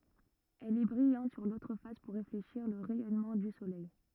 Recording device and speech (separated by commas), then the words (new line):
rigid in-ear microphone, read sentence
Elle est brillante sur l'autre face pour réfléchir le rayonnement du Soleil.